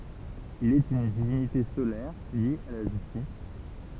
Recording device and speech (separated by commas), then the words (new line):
temple vibration pickup, read sentence
Il est une divinité solaire liée à la justice.